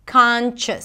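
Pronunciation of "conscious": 'Conscious' begins with a k sound, then an ah as in 'father', closed with an n: 'con'. The second syllable has a ch sound, a schwa and an s: 'chis'.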